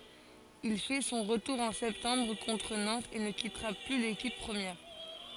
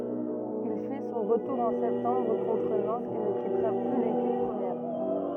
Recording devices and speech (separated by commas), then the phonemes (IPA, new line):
forehead accelerometer, rigid in-ear microphone, read sentence
il fɛ sɔ̃ ʁətuʁ ɑ̃ sɛptɑ̃bʁ kɔ̃tʁ nɑ̃tz e nə kitʁa ply lekip pʁəmjɛʁ